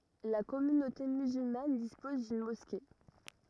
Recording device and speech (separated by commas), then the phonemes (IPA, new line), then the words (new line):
rigid in-ear microphone, read sentence
la kɔmynote myzylman dispɔz dyn mɔske
La communauté musulmane dispose d'une mosquée.